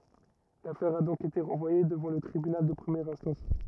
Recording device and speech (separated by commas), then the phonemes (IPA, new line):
rigid in-ear microphone, read sentence
lafɛʁ a dɔ̃k ete ʁɑ̃vwaje dəvɑ̃ lə tʁibynal də pʁəmjɛʁ ɛ̃stɑ̃s